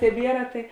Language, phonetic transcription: Lithuanian, teˈbiera tai

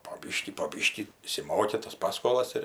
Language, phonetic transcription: Lithuanian, po ˈbyškį po ˈbyškį išsiˈmoki tas ˈpaskolas ir

